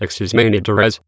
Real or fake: fake